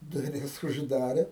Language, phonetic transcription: Lithuanian, duˈris užˈdarė

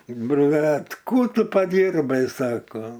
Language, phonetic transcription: Lithuanian, ˈbrat ˈkų ˈtu paˈdyrbai ˈsako

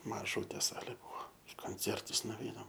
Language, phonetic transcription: Lithuanian, maˈžūtė ˈsalė ˈbuo i konˈcertus nuvˈeinam

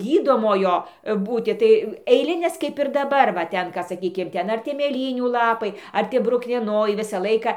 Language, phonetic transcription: Lithuanian, ˈgydomojo ˈbūti tai eiˈlinės kaip ir daˈbar va ˈten ka saˈkykim ˈten ar ˈtie mėˈlynių laˈpai ˈar tie bruknieˈnojai ˈvisą ˈlaika

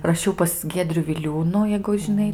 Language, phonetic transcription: Lithuanian, raˈšiau pas ˈgiedriu viˈliūnų jeigu žiˈnai

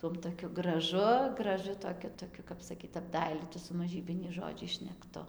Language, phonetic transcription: Lithuanian, ˈtuom toˈkiu graˈžu graˈžu toˈkiu toˈkiu kap saˈkyt apˈdailytu su maˈžybiniais žoˈdžiais šnekˈtu

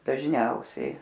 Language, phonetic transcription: Lithuanian, dažˈniausiai

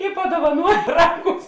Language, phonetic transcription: Lithuanian, i paduovaˈnuoj ˈraˌgus

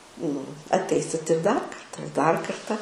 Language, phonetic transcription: Lithuanian, nu atˈeisit ir dar ˈkarta ir dar ˈkarta

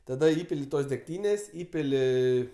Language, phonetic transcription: Lithuanian, taˈda ˈįpili ˈtos degˈtynės' ˈįpili

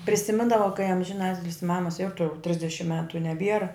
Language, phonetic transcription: Lithuanian, prisiˈmindava kai amžiˈnatilis ˈmamas ˈjoutau ˈtrisdešim ˈmetu i neˈbiera

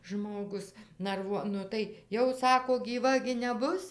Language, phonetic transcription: Lithuanian, ˈžmogus narˈvuo ˈnu tai ˈjau ˈsako gyˈva gi neˈbus

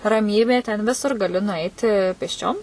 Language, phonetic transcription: Lithuanian, raˈmybė ten ˈvisur gaˈli nuˈaiti pėsˈčiom

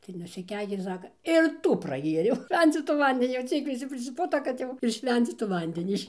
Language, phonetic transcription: Lithuanian, tai nusiˈkeikė ˈsaka ir ˈtų praˈgėriau ˈšvencytų ˈvandenį jau ˈciek viˈsi prisiˈputo kad ˈjau ir ˈšvencytų ˈvandenį iš

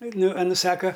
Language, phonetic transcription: Lithuanian, ˈnu aˈnu ˈsaka

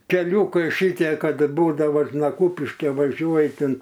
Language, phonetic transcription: Lithuanian, keˈliūkai ˈšitie ˈkad ˈbūdava na ˈkūpiške vaˈžiuoj tin

